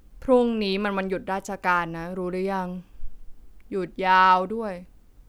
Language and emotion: Thai, frustrated